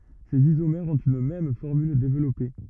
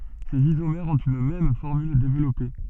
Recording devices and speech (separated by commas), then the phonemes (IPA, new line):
rigid in-ear microphone, soft in-ear microphone, read sentence
sez izomɛʁz ɔ̃t yn mɛm fɔʁmyl devlɔpe